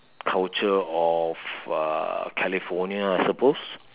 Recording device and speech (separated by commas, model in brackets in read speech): telephone, conversation in separate rooms